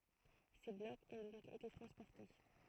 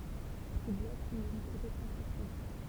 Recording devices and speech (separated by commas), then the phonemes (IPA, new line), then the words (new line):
throat microphone, temple vibration pickup, read sentence
se blɔkz ɔ̃ dɔ̃k ete tʁɑ̃spɔʁte
Ces blocs ont donc été transportés.